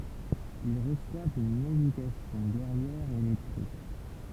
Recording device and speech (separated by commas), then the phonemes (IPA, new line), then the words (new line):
temple vibration pickup, read sentence
il ʁəswavt yn edykasjɔ̃ ɡɛʁjɛʁ e lɛtʁe
Ils reçoivent une éducation guerrière et lettrée.